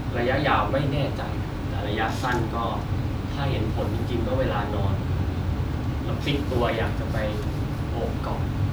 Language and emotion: Thai, neutral